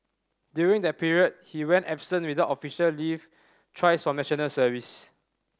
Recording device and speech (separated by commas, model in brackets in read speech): standing microphone (AKG C214), read sentence